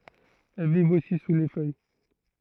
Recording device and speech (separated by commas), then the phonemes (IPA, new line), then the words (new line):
throat microphone, read sentence
ɛl vivt osi su le fœj
Elles vivent aussi sous les feuilles.